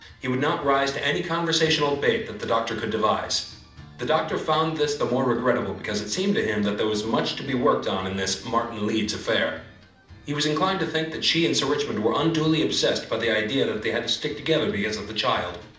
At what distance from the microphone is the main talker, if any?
2.0 m.